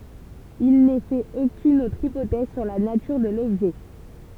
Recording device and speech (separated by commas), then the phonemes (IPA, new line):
temple vibration pickup, read sentence
il nɛ fɛt okyn otʁ ipotɛz syʁ la natyʁ də lɔbʒɛ